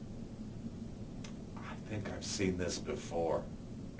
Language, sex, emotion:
English, male, neutral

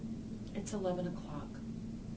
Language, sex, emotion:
English, female, sad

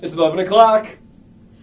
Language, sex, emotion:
English, male, happy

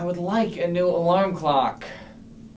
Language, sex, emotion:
English, male, angry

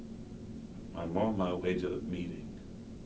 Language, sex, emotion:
English, male, neutral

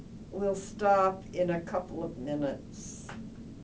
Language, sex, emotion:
English, female, angry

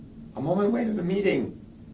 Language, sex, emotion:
English, male, angry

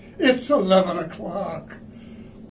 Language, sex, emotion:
English, male, sad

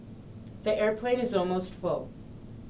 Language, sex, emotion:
English, female, neutral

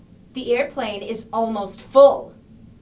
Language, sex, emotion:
English, female, angry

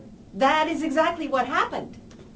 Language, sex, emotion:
English, female, neutral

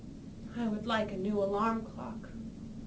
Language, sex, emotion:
English, female, neutral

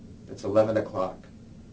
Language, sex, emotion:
English, male, neutral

